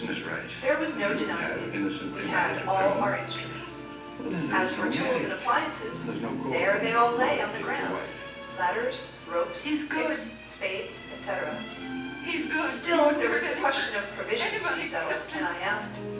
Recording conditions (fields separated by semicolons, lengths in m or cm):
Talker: one person; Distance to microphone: 9.8 m; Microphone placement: far; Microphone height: 1.8 m; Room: large; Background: television